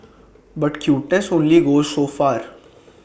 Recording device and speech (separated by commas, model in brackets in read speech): boundary microphone (BM630), read sentence